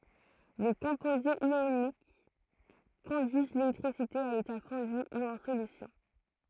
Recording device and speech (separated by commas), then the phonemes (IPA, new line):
throat microphone, read sentence
le kɔ̃pozez jonik kɔ̃dyiz lelɛktʁisite a leta fɔ̃dy u ɑ̃ solysjɔ̃